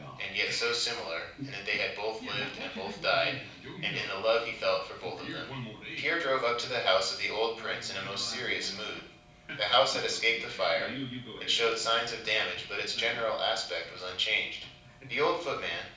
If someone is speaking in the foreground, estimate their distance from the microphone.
5.8 m.